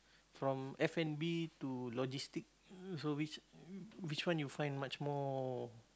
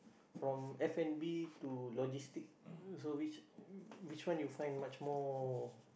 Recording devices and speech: close-talking microphone, boundary microphone, conversation in the same room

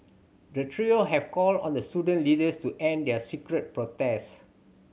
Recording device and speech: mobile phone (Samsung C7100), read sentence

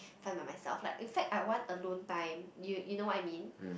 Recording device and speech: boundary microphone, conversation in the same room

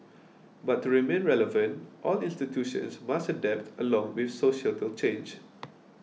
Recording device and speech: mobile phone (iPhone 6), read sentence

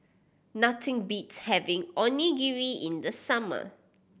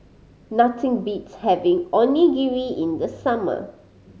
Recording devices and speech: boundary microphone (BM630), mobile phone (Samsung C5010), read sentence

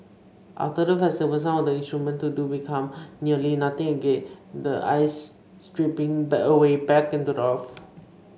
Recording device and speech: mobile phone (Samsung C5), read sentence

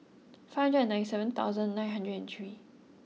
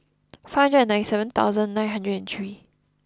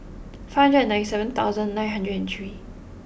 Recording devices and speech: mobile phone (iPhone 6), close-talking microphone (WH20), boundary microphone (BM630), read sentence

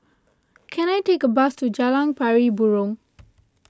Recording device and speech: close-talking microphone (WH20), read sentence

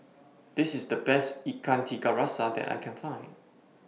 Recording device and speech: mobile phone (iPhone 6), read sentence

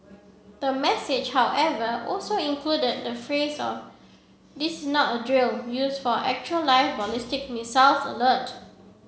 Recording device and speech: mobile phone (Samsung C7), read sentence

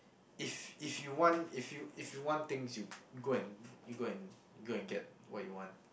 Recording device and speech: boundary microphone, conversation in the same room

